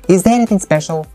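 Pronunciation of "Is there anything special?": The voice rises a little on the last syllable of 'special', which marks the sentence as a question.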